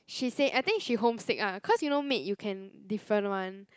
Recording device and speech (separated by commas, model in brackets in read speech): close-talking microphone, conversation in the same room